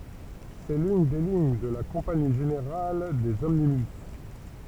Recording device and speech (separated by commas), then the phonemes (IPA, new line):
temple vibration pickup, read sentence
sɛ lyn de liɲ də la kɔ̃pani ʒeneʁal dez ɔmnibys